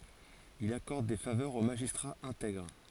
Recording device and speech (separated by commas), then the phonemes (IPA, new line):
forehead accelerometer, read sentence
il akɔʁd de favœʁz o maʒistʁaz ɛ̃tɛɡʁ